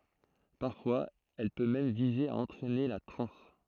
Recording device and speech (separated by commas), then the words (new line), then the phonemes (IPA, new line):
throat microphone, read sentence
Parfois elle peut même viser à entraîner la transe.
paʁfwaz ɛl pø mɛm vize a ɑ̃tʁɛne la tʁɑ̃s